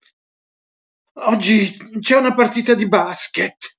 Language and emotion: Italian, fearful